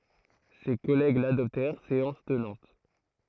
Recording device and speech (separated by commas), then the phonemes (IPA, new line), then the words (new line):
throat microphone, read sentence
se kɔlɛɡ ladɔptɛʁ seɑ̃s tənɑ̃t
Ses collègues l’adoptèrent séance tenante.